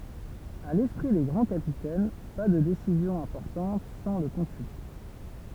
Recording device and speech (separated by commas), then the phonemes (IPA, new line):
temple vibration pickup, read sentence
a lɛspʁi de ɡʁɑ̃ kapitɛn pa də desizjɔ̃z ɛ̃pɔʁtɑ̃t sɑ̃ lə kɔ̃sylte